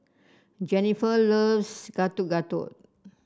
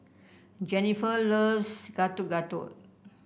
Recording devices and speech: standing microphone (AKG C214), boundary microphone (BM630), read sentence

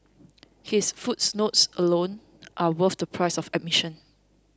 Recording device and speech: close-talking microphone (WH20), read sentence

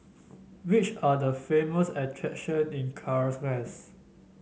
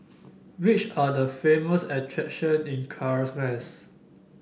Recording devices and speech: mobile phone (Samsung S8), boundary microphone (BM630), read sentence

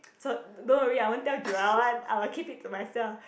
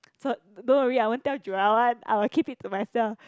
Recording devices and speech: boundary microphone, close-talking microphone, conversation in the same room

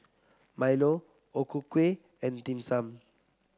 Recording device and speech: close-talking microphone (WH30), read sentence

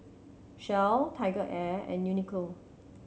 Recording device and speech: mobile phone (Samsung C7100), read sentence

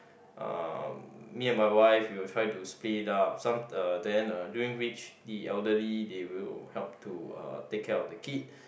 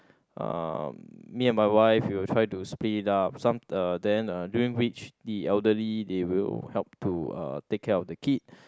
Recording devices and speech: boundary microphone, close-talking microphone, conversation in the same room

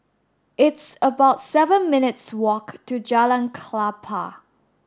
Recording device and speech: standing microphone (AKG C214), read sentence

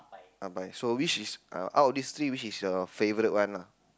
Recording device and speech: close-talking microphone, conversation in the same room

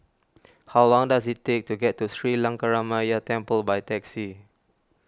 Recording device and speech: standing microphone (AKG C214), read sentence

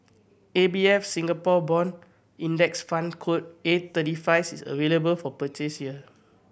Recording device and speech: boundary microphone (BM630), read sentence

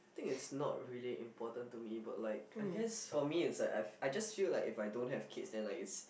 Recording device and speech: boundary microphone, conversation in the same room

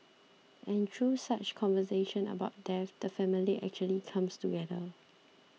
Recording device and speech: mobile phone (iPhone 6), read sentence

